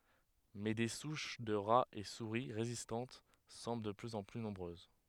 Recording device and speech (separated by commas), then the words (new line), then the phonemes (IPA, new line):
headset microphone, read sentence
Mais des souches de rats et souris résistantes semblent de plus en plus nombreuses.
mɛ de suʃ də ʁaz e suʁi ʁezistɑ̃t sɑ̃bl də plyz ɑ̃ ply nɔ̃bʁøz